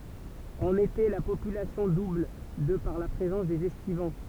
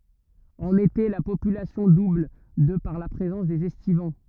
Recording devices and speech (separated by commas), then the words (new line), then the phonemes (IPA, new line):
temple vibration pickup, rigid in-ear microphone, read sentence
En été, la population double de par la présence des estivants.
ɑ̃n ete la popylasjɔ̃ dubl də paʁ la pʁezɑ̃s dez ɛstivɑ̃